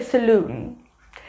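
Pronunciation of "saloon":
'Salon' is pronounced incorrectly here.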